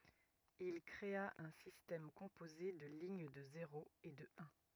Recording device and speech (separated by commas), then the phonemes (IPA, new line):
rigid in-ear microphone, read sentence
il kʁea œ̃ sistɛm kɔ̃poze də liɲ də zeʁoz e də œ̃